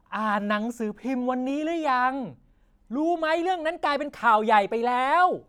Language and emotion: Thai, angry